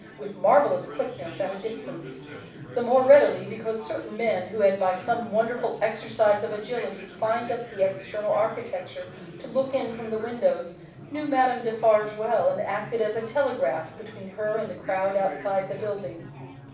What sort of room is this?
A moderately sized room (about 5.7 m by 4.0 m).